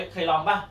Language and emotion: Thai, neutral